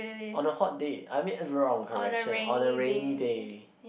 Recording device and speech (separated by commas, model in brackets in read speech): boundary microphone, conversation in the same room